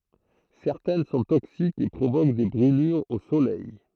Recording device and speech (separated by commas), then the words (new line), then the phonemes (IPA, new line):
throat microphone, read sentence
Certaines sont toxiques et provoquent des brûlures au soleil.
sɛʁtɛn sɔ̃ toksikz e pʁovok de bʁylyʁz o solɛj